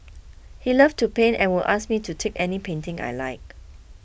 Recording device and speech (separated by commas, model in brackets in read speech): boundary microphone (BM630), read sentence